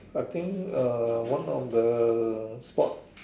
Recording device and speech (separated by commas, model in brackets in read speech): standing microphone, conversation in separate rooms